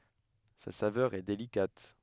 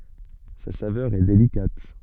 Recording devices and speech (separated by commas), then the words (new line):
headset microphone, soft in-ear microphone, read sentence
Sa saveur est délicate.